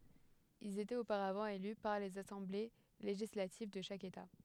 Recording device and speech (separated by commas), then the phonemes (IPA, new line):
headset microphone, read sentence
ilz etɛt opaʁavɑ̃ ely paʁ lez asɑ̃ble leʒislativ də ʃak eta